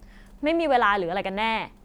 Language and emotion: Thai, angry